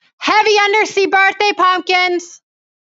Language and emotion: English, neutral